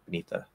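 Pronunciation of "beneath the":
In 'beneath the', spoken quickly, the dental T at the end of 'beneath' is dropped completely, and it goes straight into a dental D for 'the'.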